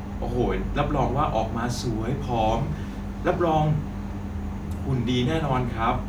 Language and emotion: Thai, happy